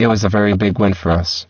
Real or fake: fake